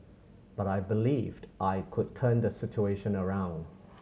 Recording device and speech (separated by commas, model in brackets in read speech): mobile phone (Samsung C7100), read sentence